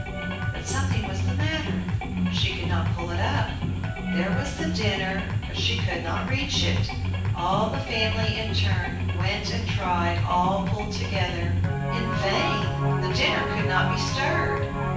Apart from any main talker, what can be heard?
Music.